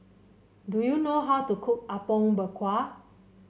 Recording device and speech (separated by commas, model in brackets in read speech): mobile phone (Samsung C7), read sentence